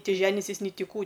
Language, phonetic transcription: Lithuanian, ˈti ˈženisis ni ˈti ˈkų

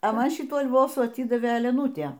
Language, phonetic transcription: Lithuanian, a ˈman ˈšitų alˈvosų aˈtydavė eleˈnūtė

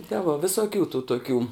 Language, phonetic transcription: Lithuanian, te vo visoˈkių tų toˈkių

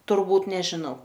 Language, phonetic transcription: Lithuanian, turˈbūt nežiˈnau

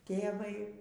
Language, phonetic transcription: Lithuanian, ˈtėvai

